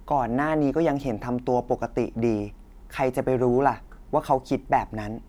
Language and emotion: Thai, frustrated